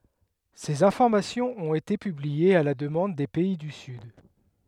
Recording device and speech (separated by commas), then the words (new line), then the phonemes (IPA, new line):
headset microphone, read sentence
Ces informations ont été publiées à la demande des pays du sud.
sez ɛ̃fɔʁmasjɔ̃z ɔ̃t ete pybliez a la dəmɑ̃d de pɛi dy syd